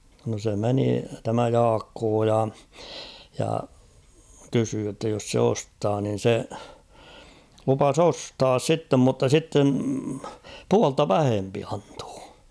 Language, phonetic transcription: Finnish, no se 'meni , tämä "Jaakkoo ja , ja 'kysyy jotta jos 'se 'ostaa nin̬ 'se , lupas ‿'ostaas 'sittem mutta 'sitten̬ , 'pualta "vähempi antᴏᴏ .
- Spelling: no se meni tämä Jaakko ja ja kysyi jotta jos se ostaa niin se lupasi ostaa sitten mutta sitten puolta vähempi antaa

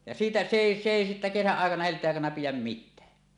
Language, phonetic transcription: Finnish, ja 'siitä , se 'èi se 'èi sittä 'kesäˀ 'ˀàekana helt̀eeˀ ˀàekana 'pijäm "mittää .
- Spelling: ja siitä se ei se ei sitten kesän aikana helteen aikana pidä mitään

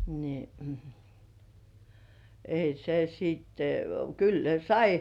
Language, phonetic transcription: Finnish, ni , ei se 'siitte , kyl 'ne "sai .
- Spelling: niin ei se sitten kyllä ne sai

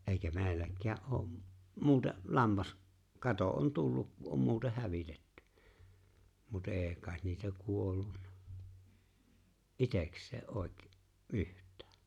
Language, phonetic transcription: Finnish, '’èikä 'me̬e̬ⁱilläk̆kää ’oo ’ , 'muute’ , 'lammas- , 'kato on , 'tul luk ku ’om 'muuteh "hävitetty , mut '’e̬e̬ kàet 'niitä 'kuollunnᴀ , "’iteks̀ee '’òekᵉ- , "’yht̀ᴀ̈ᴀ̈ .
- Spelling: eikä meilläkään ole - muuten - lammaskato on - tullut kun on muuten hävitetty mutta ei kai niitä kuollut itsekseen - yhtään

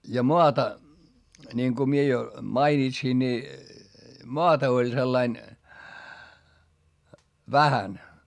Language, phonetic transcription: Finnish, ja moata , ńiŋku mie jo , mainitsin ńi , moata oĺ sellain , vähän .
- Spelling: ja maata niin kun minä jo mainitsin niin maata oli sillä lailla vähän

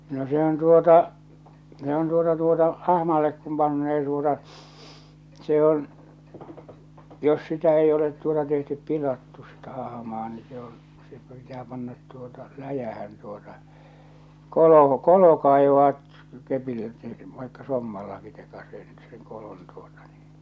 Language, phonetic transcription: Finnish, no se ‿on 'tuota , se ‿on 'tuota 'tuota , "ahmallek kum pannee tuota , se on , 'jos 'sitä ei olet tuota tehtyp 'pilattu sitä 'ahᵃmaa ni se on , se pitää pannat tuota , 'läjähän tuota , 'kolo , 'kolo kaivaat̳ , kepillä et(tei se) , vaikka 'sommallaki tekaseisit seŋ 'kolon tuota ɴɪɪɴ .
- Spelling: no se on tuota se on tuota tuota ahmalle kun panee tuota se on jos sitä ei ole tuota tehty pilattu sitä ahmaa niin se on se pitää panna tuota läjään tuota kolo kolo kaivaa kepillä että ei se vaikka sommallakin tekaisisit sen kolon tuota niin

